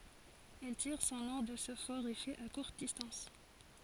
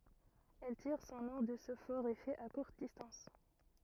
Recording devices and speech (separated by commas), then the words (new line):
forehead accelerometer, rigid in-ear microphone, read sentence
Elle tire son nom de ce fort effet à courte distance.